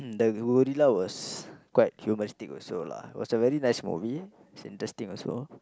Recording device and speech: close-talking microphone, conversation in the same room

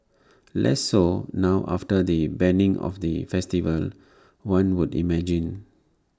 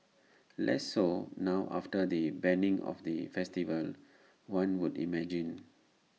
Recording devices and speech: standing microphone (AKG C214), mobile phone (iPhone 6), read sentence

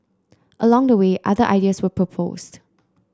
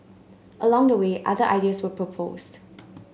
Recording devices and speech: close-talking microphone (WH30), mobile phone (Samsung C9), read sentence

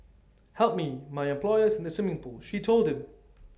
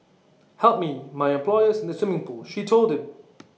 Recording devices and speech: standing microphone (AKG C214), mobile phone (iPhone 6), read sentence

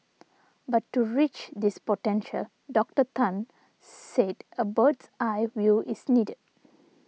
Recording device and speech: mobile phone (iPhone 6), read sentence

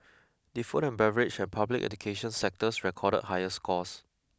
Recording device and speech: close-talking microphone (WH20), read sentence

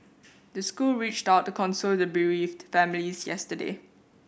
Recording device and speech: boundary microphone (BM630), read sentence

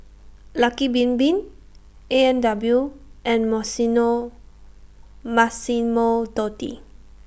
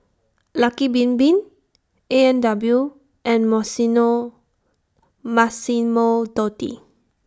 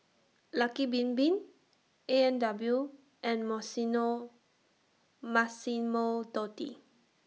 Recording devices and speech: boundary microphone (BM630), standing microphone (AKG C214), mobile phone (iPhone 6), read sentence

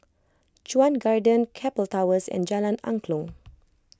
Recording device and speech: close-talking microphone (WH20), read sentence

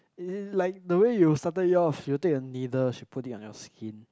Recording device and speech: close-talking microphone, conversation in the same room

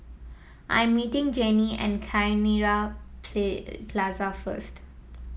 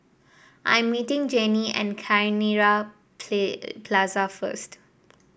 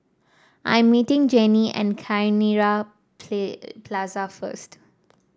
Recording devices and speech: mobile phone (iPhone 7), boundary microphone (BM630), standing microphone (AKG C214), read sentence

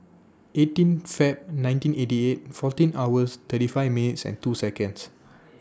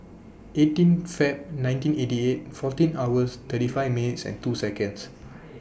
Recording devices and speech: standing microphone (AKG C214), boundary microphone (BM630), read sentence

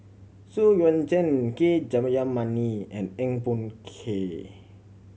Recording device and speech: mobile phone (Samsung C7100), read sentence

